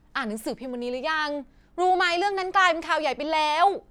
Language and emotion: Thai, neutral